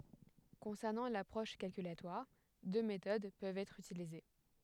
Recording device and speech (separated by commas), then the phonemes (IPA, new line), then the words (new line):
headset microphone, read sentence
kɔ̃sɛʁnɑ̃ lapʁɔʃ kalkylatwaʁ dø metod pøvt ɛtʁ ytilize
Concernant l’approche calculatoire, deux méthodes peuvent être utilisées.